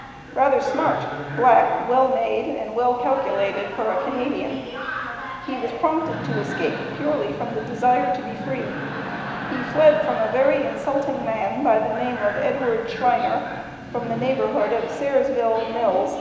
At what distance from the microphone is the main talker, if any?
1.7 m.